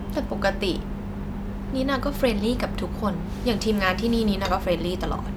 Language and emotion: Thai, neutral